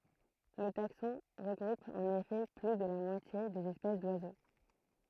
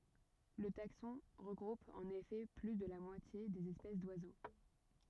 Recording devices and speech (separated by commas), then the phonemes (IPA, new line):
throat microphone, rigid in-ear microphone, read sentence
lə taksɔ̃ ʁəɡʁup ɑ̃n efɛ ply də la mwatje dez ɛspɛs dwazo